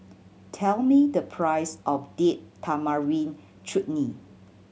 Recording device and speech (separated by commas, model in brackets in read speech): mobile phone (Samsung C7100), read sentence